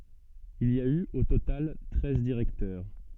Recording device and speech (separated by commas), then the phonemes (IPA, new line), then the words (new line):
soft in-ear microphone, read sentence
il i a y o total tʁɛz diʁɛktœʁ
Il y a eu, au total, treize directeurs.